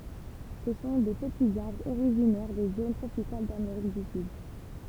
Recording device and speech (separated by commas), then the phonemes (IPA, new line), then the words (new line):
temple vibration pickup, read sentence
sə sɔ̃ de pətiz aʁbʁz oʁiʒinɛʁ de zon tʁopikal dameʁik dy syd
Ce sont des petits arbres originaires des zones tropicales d'Amérique du Sud.